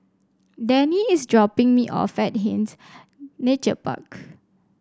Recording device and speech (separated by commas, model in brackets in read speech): standing microphone (AKG C214), read sentence